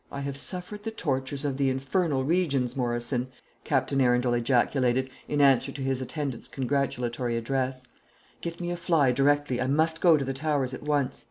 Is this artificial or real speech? real